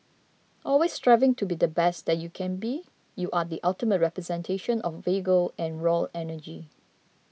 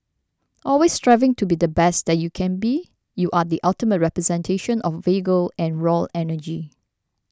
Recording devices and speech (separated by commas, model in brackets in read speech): mobile phone (iPhone 6), standing microphone (AKG C214), read sentence